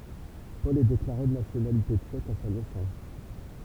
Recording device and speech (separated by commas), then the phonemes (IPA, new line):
temple vibration pickup, read sentence
pɔl ɛ deklaʁe də nasjonalite tʃɛk a sa nɛsɑ̃s